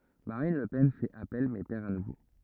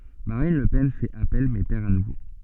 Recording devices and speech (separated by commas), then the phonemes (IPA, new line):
rigid in-ear microphone, soft in-ear microphone, read sentence
maʁin lə pɛn fɛt apɛl mɛ pɛʁ a nuvo